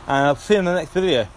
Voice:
with lisp